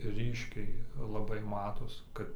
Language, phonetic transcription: Lithuanian, ˈryškiai laˈbai ˈmatos ˈkad

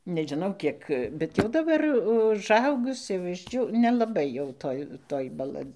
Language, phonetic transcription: Lithuanian, nežiˈnau ˈkiek bet jau daˈbar užˈaugus jau išˈdžiū nelaˈbai jau ˈtoj ˈtoj baˈla

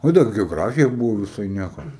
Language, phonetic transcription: Lithuanian, ˈo dar geoˈgrafija ˈbuvo viˈsai ˈnieko

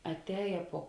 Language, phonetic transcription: Lithuanian, atˈēja puo

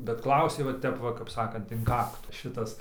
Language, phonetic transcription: Lithuanian, bet ˈklausė va ˈtep va kap ˈsakant in ˈkaktu ˈšitas

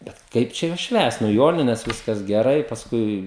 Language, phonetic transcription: Lithuanian, bet ˈkaip čia juos ˈšvęst nu ˈjonines ˈviskas geˈrai pasˈkui

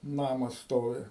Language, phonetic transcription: Lithuanian, ˈnamas ˈstovi

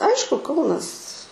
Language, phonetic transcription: Lithuanian, ˈaišku ˈkaunas

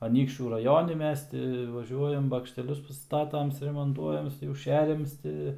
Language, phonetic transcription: Lithuanian, aˈnykščių raˈjoni ˈmes ti vaˈžiuojam bakšteˈlius paˈstatam suremonˈtuojam jau ˈšeriams ˈti

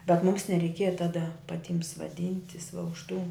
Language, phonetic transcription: Lithuanian, bet mūms nereiˈkieja ˈtada paˈtim svaˈdintis va už tų

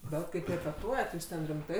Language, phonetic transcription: Lithuanian, ˈbet kaip repeˈtuojat jūs ˈten rimˈtai

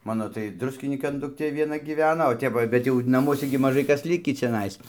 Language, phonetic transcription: Lithuanian, ˈmano tai ˈdruskinykan dukˈtė vieˈna gyˈvena o ˈtep va ˈjau ˈbet jau naˈmuose gi maˈžai ˈkas ˈlikį čiaˈnais

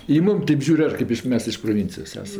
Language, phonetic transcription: Lithuanian, i ˈmum ˈtėp ˈžiūr' ˈar ˈkaip iš ˈmes iš proˈvincijos ˈesam

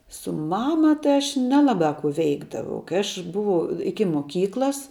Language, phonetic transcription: Lithuanian, su ˈmama ˈtai aš ˈnelabā kų ˈveikdavau kai ˈaš ˈbuvau ˈiki moˈkyklas

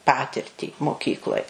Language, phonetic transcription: Lithuanian, ˈpatirtį moˈkykloj

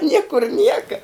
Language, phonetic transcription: Lithuanian, ˈniekur ˈnieka

